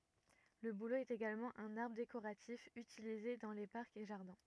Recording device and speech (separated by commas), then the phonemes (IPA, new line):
rigid in-ear microphone, read sentence
lə bulo ɛt eɡalmɑ̃ œ̃n aʁbʁ dekoʁatif ytilize dɑ̃ le paʁkz e ʒaʁdɛ̃